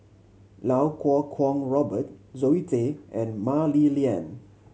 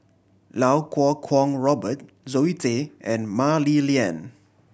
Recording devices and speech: mobile phone (Samsung C7100), boundary microphone (BM630), read sentence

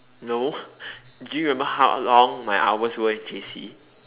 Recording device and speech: telephone, conversation in separate rooms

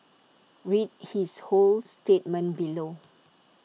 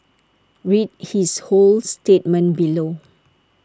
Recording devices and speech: mobile phone (iPhone 6), standing microphone (AKG C214), read sentence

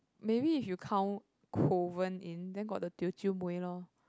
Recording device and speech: close-talking microphone, conversation in the same room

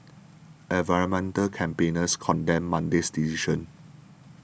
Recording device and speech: boundary microphone (BM630), read sentence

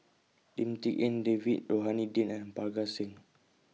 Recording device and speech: mobile phone (iPhone 6), read sentence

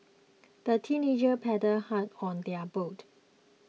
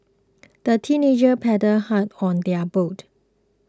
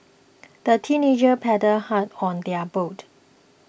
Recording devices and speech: mobile phone (iPhone 6), close-talking microphone (WH20), boundary microphone (BM630), read sentence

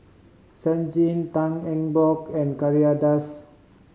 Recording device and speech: mobile phone (Samsung C5010), read sentence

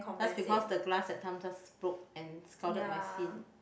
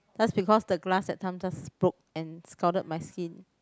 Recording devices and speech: boundary microphone, close-talking microphone, conversation in the same room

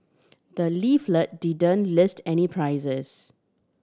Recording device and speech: standing microphone (AKG C214), read sentence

